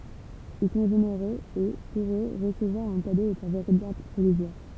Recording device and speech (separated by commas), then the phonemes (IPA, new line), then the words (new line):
temple vibration pickup, read sentence
il sɔ̃ ʒeneʁøz e puʁ ø ʁəsəvwaʁ œ̃ kado ɛt œ̃ veʁitabl plɛziʁ
Ils sont généreux et, pour eux, recevoir un cadeau est un véritable plaisir.